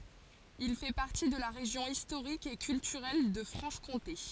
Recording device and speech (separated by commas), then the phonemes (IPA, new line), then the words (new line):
forehead accelerometer, read sentence
il fɛ paʁti də la ʁeʒjɔ̃ istoʁik e kyltyʁɛl də fʁɑ̃ʃ kɔ̃te
Il fait partie de la région historique et culturelle de Franche-Comté.